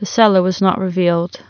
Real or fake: real